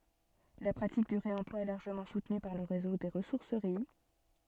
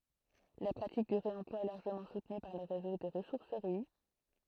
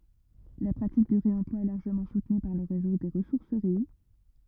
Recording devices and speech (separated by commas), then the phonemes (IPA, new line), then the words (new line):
soft in-ear microphone, throat microphone, rigid in-ear microphone, read sentence
la pʁatik dy ʁeɑ̃plwa ɛ laʁʒəmɑ̃ sutny paʁ lə ʁezo de ʁəsuʁsəʁi
La pratique du réemploi est largement soutenue par le réseau des ressourceries.